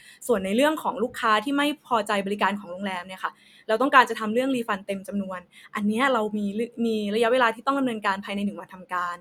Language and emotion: Thai, neutral